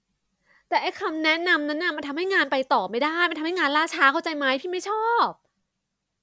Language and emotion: Thai, frustrated